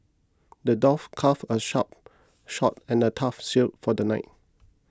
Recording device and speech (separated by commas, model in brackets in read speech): close-talking microphone (WH20), read sentence